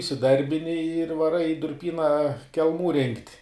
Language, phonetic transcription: Lithuanian, isiˈdarbini ir vaˈrai i durˈpyna kelˈmų rinkt'

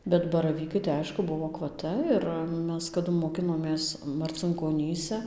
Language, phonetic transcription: Lithuanian, bet baraˈvykai tai ˈaišku ˈbuvo akvaˈta ir ˈmes kaˈdu moˈkinomės marcinkoˈnyse

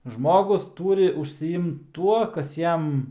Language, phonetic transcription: Lithuanian, ˈžmogus ˈtūri užsiˈimt ˈtuo ˈkas ˈjam

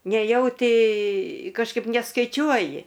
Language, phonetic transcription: Lithuanian, neˈjauti kažˈkaip neskaiˈčiuoji

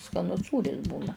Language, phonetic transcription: Lithuanian, skaˈnus ˈsūris ˈbūna

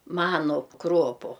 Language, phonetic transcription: Lithuanian, ˈmanu ˈkropu

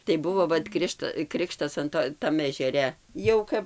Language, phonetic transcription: Lithuanian, tai ˈbuvo ˈvat ˈkrišta ˈkrikštas an ˈto ˈtam ežeˈre ˈjau kap

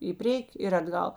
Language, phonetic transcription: Lithuanian, i ˈprieki ir atˈgal

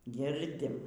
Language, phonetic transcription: Lithuanian, ˈgirdim

